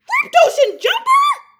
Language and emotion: English, surprised